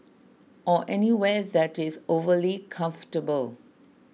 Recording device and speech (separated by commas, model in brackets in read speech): mobile phone (iPhone 6), read sentence